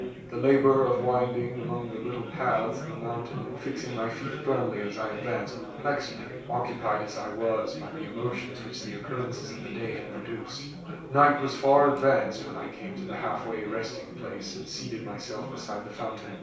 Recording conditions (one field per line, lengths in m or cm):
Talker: one person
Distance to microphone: 3.0 m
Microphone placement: far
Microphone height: 1.8 m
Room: small (3.7 m by 2.7 m)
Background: babble